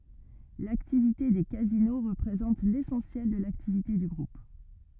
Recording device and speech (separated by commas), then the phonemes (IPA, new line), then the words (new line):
rigid in-ear microphone, read sentence
laktivite de kazino ʁəpʁezɑ̃t lesɑ̃sjɛl də laktivite dy ɡʁup
L'activité des casinos représente l'essentiel de l'activité du Groupe.